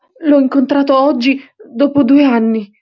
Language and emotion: Italian, fearful